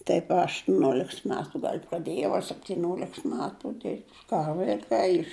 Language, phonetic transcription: Lithuanian, ˈtaip a aštuˈnioleks ˈmetu gal' praˈdėjau a septiˈnioleks ˈmetu dirbt' ˈką vaiˈkai iš

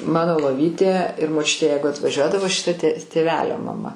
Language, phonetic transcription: Lithuanian, ˈmano loˈvytė ir moˈčiutė ˈjeigu atvaˈžiuodavo šiˈta tė tėˈvelio maˈma

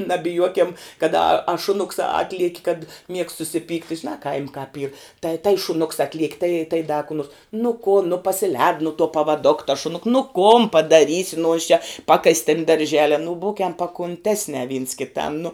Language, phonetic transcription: Lithuanian, nabiˈjuokem kad a a šuˈnuks ˈatlieki kad miegst susiˈpykti žiˈnā kaim' kāp yr tai tai šuˈnuks ˈatliek' tai tai da ku nuors nu kun nu pasiˈlēd nu tuo pavaˈdok tas šuˈnuk nu kon padaˈrysi nu jis čia ˈpakas' tin darˈžele nu ˈbūkem pakunˈtesne vyns kiˈtam nu

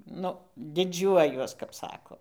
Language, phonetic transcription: Lithuanian, ˈnu diˈdžiuojuos kap ˈsako

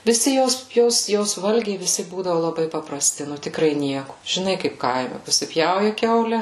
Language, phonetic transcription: Lithuanian, viˈsi ˈjos ˈjos ˈjos ˈvalgiai viˈsi ˈbūdavu laˈbai papraˈsti ˈnu tikˈrai ˈnieku žiˈnai ˈkaip ˈkaime pasiˈpjauja ˈkiaule

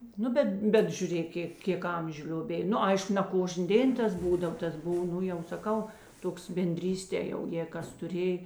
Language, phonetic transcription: Lithuanian, ˈnu bet ˈbet žiuˈrėk ˈkė ˈkėk ˈamžiu lioˈbėj ˈnu ˈaišku ne ˈkožnė ˈdėn ˈtas ˈbūdav ˈtas ˈbuv ˈnu jau saˈkau ˈtoks benˈdrystė jau jėi ˈkas tuˈrėj

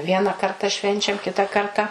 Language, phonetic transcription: Lithuanian, ˈviena ˈkarta ˈšvenčiam ˈkita ˈkarta

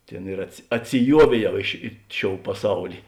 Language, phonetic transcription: Lithuanian, ˈtėn ir atsiˈjuovėˌjau i ši ˈi ˌšiou paˈsauli

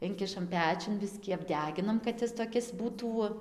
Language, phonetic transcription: Lithuanian, ˈinkišam ˈpečiun ˈbiskį apˈdeginam kad ˈjis toˈkis ˈbūtų

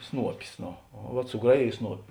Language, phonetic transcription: Lithuanian, ˈsnuopis ˈno o vat suˈgraˌjėj ˈsnuopi

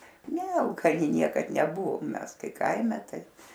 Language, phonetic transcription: Lithuanian, ˈne alkaˈni ˈniekad neˈbuvom ˈmes ˈkai ˈkaime ˈtai

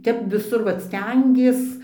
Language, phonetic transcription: Lithuanian, ˈtep viˈsur ˈvat ˈstengies

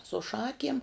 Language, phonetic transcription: Lithuanian, su ˈšakiem

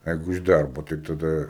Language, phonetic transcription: Lithuanian, ˈjeigu iš ˈdarbo tai taˈda

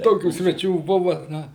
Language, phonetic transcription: Lithuanian, ˈtokių sveˈčių ˈbuva ˈna

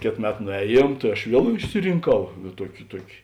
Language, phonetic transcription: Lithuanian, ˈkėt ˈmet nuˈēˌjiem tai aš ˈviel išsirinˈkau ˈtuoki ˈtuoki

